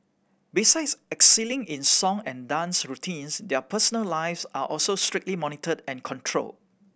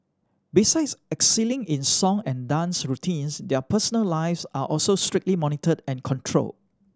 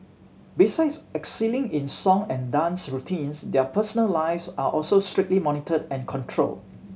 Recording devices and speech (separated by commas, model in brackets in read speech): boundary microphone (BM630), standing microphone (AKG C214), mobile phone (Samsung C7100), read sentence